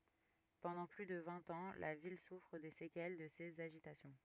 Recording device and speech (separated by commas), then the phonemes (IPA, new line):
rigid in-ear microphone, read sentence
pɑ̃dɑ̃ ply də vɛ̃t ɑ̃ la vil sufʁ de sekɛl də sez aʒitasjɔ̃